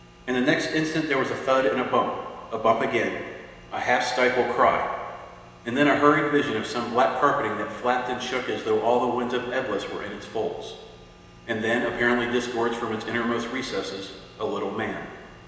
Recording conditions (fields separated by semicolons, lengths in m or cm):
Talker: one person; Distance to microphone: 1.7 m; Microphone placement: close; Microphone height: 1.0 m; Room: very reverberant, large; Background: none